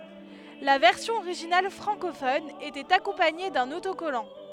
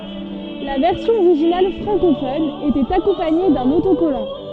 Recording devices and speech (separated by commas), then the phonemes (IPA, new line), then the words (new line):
headset microphone, soft in-ear microphone, read sentence
la vɛʁsjɔ̃ oʁiʒinal fʁɑ̃kofɔn etɛt akɔ̃paɲe dœ̃n otokɔlɑ̃
La version originale francophone était accompagnée d'un autocollant.